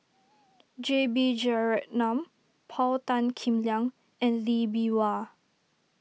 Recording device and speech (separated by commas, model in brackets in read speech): mobile phone (iPhone 6), read sentence